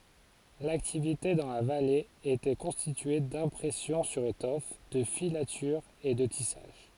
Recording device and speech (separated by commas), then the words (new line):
forehead accelerometer, read sentence
L’activité dans la vallée était constituée d'impression sur étoffe, de filatures et de tissage.